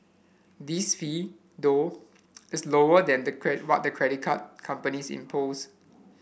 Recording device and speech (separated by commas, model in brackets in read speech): boundary microphone (BM630), read sentence